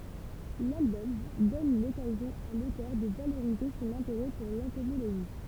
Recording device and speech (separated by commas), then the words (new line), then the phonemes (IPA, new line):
temple vibration pickup, read sentence
L'album donne l'occasion à l'auteur de valoriser son intérêt pour l'entomologie.
lalbɔm dɔn lɔkazjɔ̃ a lotœʁ də valoʁize sɔ̃n ɛ̃teʁɛ puʁ lɑ̃tomoloʒi